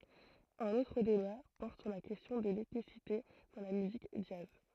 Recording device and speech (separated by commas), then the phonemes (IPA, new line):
throat microphone, read sentence
œ̃n otʁ deba pɔʁt syʁ la kɛstjɔ̃ də lɛtnisite dɑ̃ la myzik dʒaz